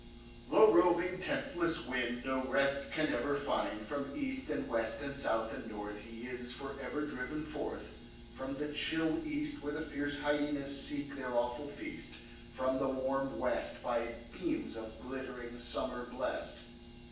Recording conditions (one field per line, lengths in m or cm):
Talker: one person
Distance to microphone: 9.8 m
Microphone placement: far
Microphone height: 1.8 m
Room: large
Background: none